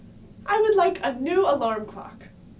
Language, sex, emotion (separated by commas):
English, female, neutral